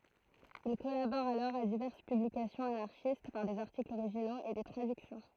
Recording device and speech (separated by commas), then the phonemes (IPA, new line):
throat microphone, read sentence
il kɔlabɔʁ alɔʁ a divɛʁs pyblikasjɔ̃z anaʁʃist paʁ dez aʁtiklz oʁiʒinoz e de tʁadyksjɔ̃